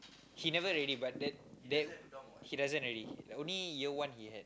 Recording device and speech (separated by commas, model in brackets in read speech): close-talking microphone, conversation in the same room